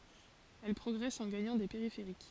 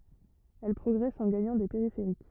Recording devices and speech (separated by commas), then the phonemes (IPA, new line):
forehead accelerometer, rigid in-ear microphone, read sentence
ɛl pʁɔɡʁɛst ɑ̃ ɡaɲɑ̃ de peʁifeʁik